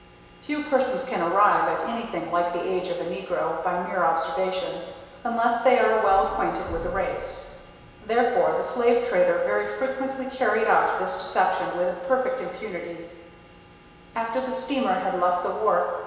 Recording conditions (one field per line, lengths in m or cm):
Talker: one person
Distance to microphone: 1.7 m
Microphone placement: close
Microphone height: 1.0 m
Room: very reverberant, large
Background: none